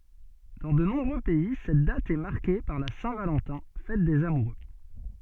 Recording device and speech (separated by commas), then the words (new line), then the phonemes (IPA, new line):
soft in-ear microphone, read sentence
Dans de nombreux pays, cette date est marquée par la Saint-Valentin, fête des amoureux.
dɑ̃ də nɔ̃bʁø pɛi sɛt dat ɛ maʁke paʁ la sɛ̃ valɑ̃tɛ̃ fɛt dez amuʁø